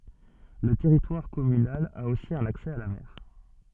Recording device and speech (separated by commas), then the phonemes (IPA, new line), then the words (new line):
soft in-ear microphone, read sentence
lə tɛʁitwaʁ kɔmynal a osi œ̃n aksɛ a la mɛʁ
Le territoire communal a aussi un accès à la mer.